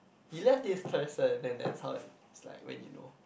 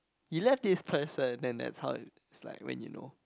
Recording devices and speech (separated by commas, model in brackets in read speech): boundary microphone, close-talking microphone, conversation in the same room